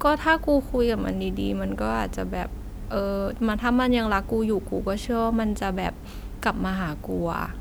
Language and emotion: Thai, frustrated